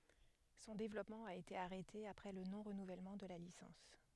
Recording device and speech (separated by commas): headset microphone, read sentence